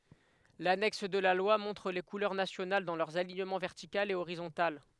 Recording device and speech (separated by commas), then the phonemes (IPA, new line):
headset microphone, read sentence
lanɛks də la lwa mɔ̃tʁ le kulœʁ nasjonal dɑ̃ lœʁz aliɲəmɑ̃ vɛʁtikal e oʁizɔ̃tal